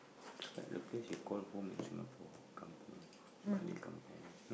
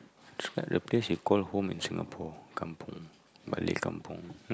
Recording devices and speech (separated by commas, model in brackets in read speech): boundary microphone, close-talking microphone, conversation in the same room